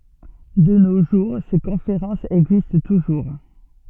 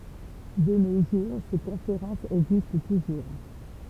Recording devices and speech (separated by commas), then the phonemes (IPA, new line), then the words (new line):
soft in-ear microphone, temple vibration pickup, read sentence
də no ʒuʁ se kɔ̃feʁɑ̃sz ɛɡzist tuʒuʁ
De nos jours, ces conférences existent toujours.